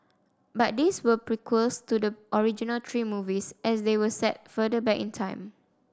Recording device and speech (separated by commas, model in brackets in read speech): standing microphone (AKG C214), read sentence